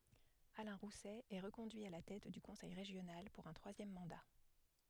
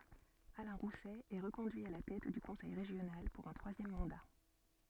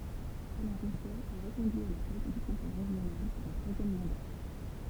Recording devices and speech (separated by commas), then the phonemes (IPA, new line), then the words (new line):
headset microphone, soft in-ear microphone, temple vibration pickup, read sentence
alɛ̃ ʁusɛ ɛ ʁəkɔ̃dyi a la tɛt dy kɔ̃sɛj ʁeʒjonal puʁ œ̃ tʁwazjɛm mɑ̃da
Alain Rousset est reconduit à la tête du conseil régional pour un troisième mandat.